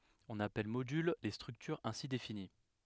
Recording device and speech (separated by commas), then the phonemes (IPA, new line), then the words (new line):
headset microphone, read sentence
ɔ̃n apɛl modyl le stʁyktyʁz ɛ̃si defini
On appelle modules les structures ainsi définies.